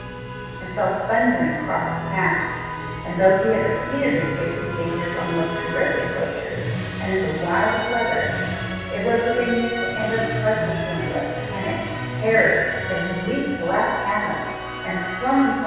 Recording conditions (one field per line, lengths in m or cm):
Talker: one person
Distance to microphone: 7.1 m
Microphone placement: far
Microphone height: 1.7 m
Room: very reverberant, large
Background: music